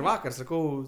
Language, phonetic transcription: Lithuanian, ˈvakar saˈkau

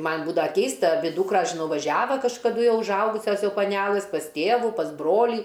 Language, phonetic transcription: Lithuanian, ˈman' ˈbūdava ˈkeista aˈbi ˈdūkras žiˈnau vaˈžiava kažkaˈdu užˈaugusias ˈjau paˈnelɨs pas ˈtėvu pasˈ ˈbrolį

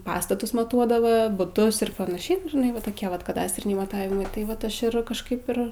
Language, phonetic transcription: Lithuanian, ˈpastatus maˈtuodavɜ buˈtus ir panaˈšiai nu žiˈnai va toˈkie ˈvat kaˈdastriniai maˈtavimai tai ˈvat ˈaš ir kažˈkaip ir

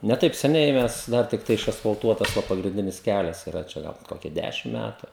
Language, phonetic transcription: Lithuanian, ne ˈtaip seˈniai ˈmes ˈdar tikˈtai išasfalˈtuotas ˈva pagrinˈdinis ˈkælias yˈra ˈčia ˈgal ˈkokia ˈdæšim ˈmætu

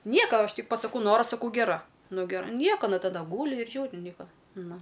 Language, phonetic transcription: Lithuanian, ˈnieka ˈaš ˈtik pasaˈkau ˈnora saˈkau geˈra ˈnu geˈra ˈnieka aˈna taˈda ˈgūli ir ˈžiūri ˈnieka ˈnu

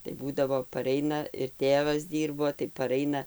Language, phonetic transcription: Lithuanian, tai ˈbūdavo paˈreina ir ˈtėvas ˈdyrbo tai paˈraina

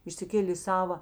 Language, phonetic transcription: Lithuanian, išsiˈkėlė i ˈsava

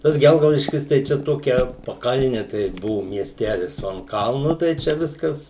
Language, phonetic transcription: Lithuanian, tas ˈgelgaudiškis tai ˈčia ˈtokia paˈkalni tai ˈbuvu miesˈtelis o an ˈkalnu tai ˈčia ˈviskas

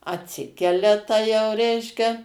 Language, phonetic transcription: Lithuanian, atˈsikelia ˈta jau ˈreiškia

